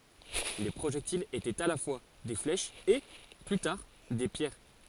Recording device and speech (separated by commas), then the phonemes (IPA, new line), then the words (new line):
forehead accelerometer, read sentence
le pʁoʒɛktilz etɛt a la fwa de flɛʃz e ply taʁ de pjɛʁ
Les projectiles étaient à la fois des flèches et, plus tard, des pierres.